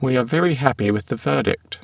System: VC, spectral filtering